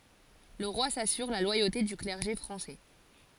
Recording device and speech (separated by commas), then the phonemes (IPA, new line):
forehead accelerometer, read sentence
lə ʁwa sasyʁ la lwajote dy klɛʁʒe fʁɑ̃sɛ